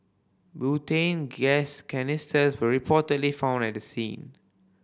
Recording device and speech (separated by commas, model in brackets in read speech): boundary microphone (BM630), read sentence